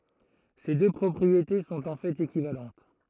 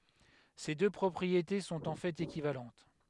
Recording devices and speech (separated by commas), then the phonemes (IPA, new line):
throat microphone, headset microphone, read sentence
se dø pʁɔpʁiete sɔ̃t ɑ̃ fɛt ekivalɑ̃t